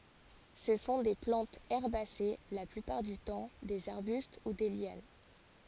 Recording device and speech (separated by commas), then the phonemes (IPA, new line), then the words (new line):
forehead accelerometer, read sentence
sə sɔ̃ de plɑ̃tz ɛʁbase la plypaʁ dy tɑ̃ dez aʁbyst u de ljan
Ce sont des plantes herbacées la plupart du temps, des arbustes ou des lianes.